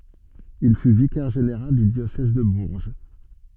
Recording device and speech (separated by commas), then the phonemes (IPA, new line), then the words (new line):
soft in-ear microphone, read sentence
il fy vikɛʁ ʒeneʁal dy djosɛz də buʁʒ
Il fut vicaire général du diocèse de Bourges.